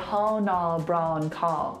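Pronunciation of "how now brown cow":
In 'how now brown cow', the ow sound does not open wide enough: it does not start with a wide ah. This is the incorrect way to say it in an RP accent.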